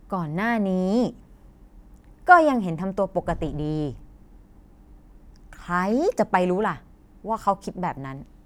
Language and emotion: Thai, neutral